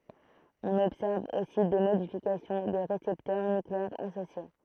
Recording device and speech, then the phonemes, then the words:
throat microphone, read sentence
ɔ̃n ɔbsɛʁv osi de modifikasjɔ̃ de ʁesɛptœʁ nykleɛʁz asosje
On observe aussi des modifications des récepteurs nucléaires associés.

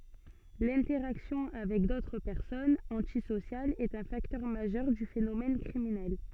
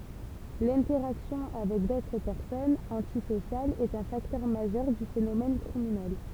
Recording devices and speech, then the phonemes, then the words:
soft in-ear microphone, temple vibration pickup, read sentence
lɛ̃tɛʁaksjɔ̃ avɛk dotʁ pɛʁsɔnz ɑ̃tisosjalz ɛt œ̃ faktœʁ maʒœʁ dy fenomɛn kʁiminɛl
L’interaction avec d'autres personnes antisociales est un facteur majeur du phénomène criminel.

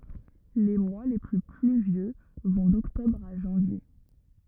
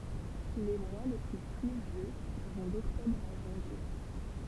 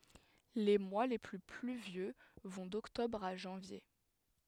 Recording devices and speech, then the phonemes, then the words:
rigid in-ear microphone, temple vibration pickup, headset microphone, read sentence
le mwa le ply plyvjø vɔ̃ dɔktɔbʁ a ʒɑ̃vje
Les mois les plus pluvieux vont d'octobre à janvier.

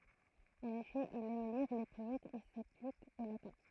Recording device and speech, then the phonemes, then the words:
throat microphone, read sentence
ɑ̃n efɛ il ɛm liʁ le pɔɛtz e saplik o latɛ̃
En effet, il aime lire les poètes et s’applique au latin.

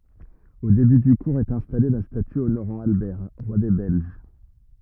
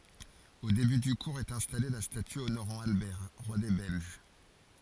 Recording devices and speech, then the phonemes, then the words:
rigid in-ear microphone, forehead accelerometer, read sentence
o deby dy kuʁz ɛt ɛ̃stale la staty onoʁɑ̃ albɛʁ ʁwa de bɛlʒ
Au début du cours est installée la statue honorant Albert, roi des Belges.

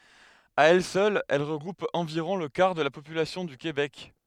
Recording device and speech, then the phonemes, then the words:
headset microphone, read sentence
a ɛl sœl ɛl ʁəɡʁup ɑ̃viʁɔ̃ lə kaʁ də la popylasjɔ̃ dy kebɛk
À elle seule, elle regroupe environ le quart de la population du Québec.

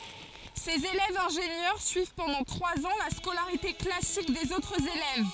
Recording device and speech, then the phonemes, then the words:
forehead accelerometer, read sentence
sez elɛvz ɛ̃ʒenjœʁ syiv pɑ̃dɑ̃ tʁwaz ɑ̃ la skolaʁite klasik dez otʁz elɛv
Ces élèves ingénieurs suivent pendant trois ans la scolarité classique des autres élèves.

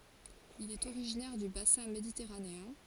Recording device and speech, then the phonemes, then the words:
forehead accelerometer, read sentence
il ɛt oʁiʒinɛʁ dy basɛ̃ meditɛʁaneɛ̃
Il est originaire du bassin méditerranéen.

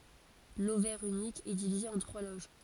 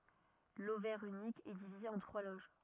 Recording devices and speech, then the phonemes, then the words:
forehead accelerometer, rigid in-ear microphone, read sentence
lovɛʁ ynik ɛ divize ɑ̃ tʁwa loʒ
L'ovaire unique est divisé en trois loges.

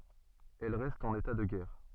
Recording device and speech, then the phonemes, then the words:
soft in-ear microphone, read sentence
ɛl ʁɛst ɑ̃n eta də ɡɛʁ
Elle reste en état de guerre.

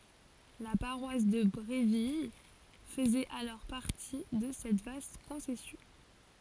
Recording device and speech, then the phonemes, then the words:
forehead accelerometer, read sentence
la paʁwas də bʁevil fəzɛt alɔʁ paʁti də sɛt vast kɔ̃sɛsjɔ̃
La paroisse de Bréville faisait alors partie de cette vaste concession.

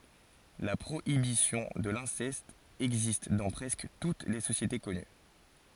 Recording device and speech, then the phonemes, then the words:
forehead accelerometer, read sentence
la pʁoibisjɔ̃ də lɛ̃sɛst ɛɡzist dɑ̃ pʁɛskə tut le sosjete kɔny
La prohibition de l'inceste existe dans presque toutes les sociétés connues.

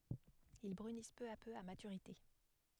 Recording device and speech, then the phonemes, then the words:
headset microphone, read sentence
il bʁynis pø a pø a matyʁite
Ils brunissent peu à peu à maturité.

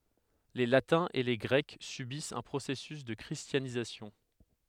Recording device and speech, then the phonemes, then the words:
headset microphone, read sentence
le latɛ̃z e le ɡʁɛk sybist œ̃ pʁosɛsys də kʁistjanizasjɔ̃
Les Latins et les Grecs subissent un processus de christianisation.

